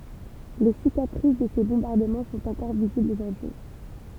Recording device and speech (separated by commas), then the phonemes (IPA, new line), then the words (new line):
temple vibration pickup, read sentence
le sikatʁis də se bɔ̃baʁdəmɑ̃ sɔ̃t ɑ̃kɔʁ viziblz oʒuʁdyi
Les cicatrices de ces bombardements sont encore visibles aujourd'hui.